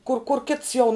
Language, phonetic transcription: Lithuanian, kur kur ˈkits jau

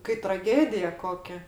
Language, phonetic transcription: Lithuanian, kai traˈgėdija ˈkokia

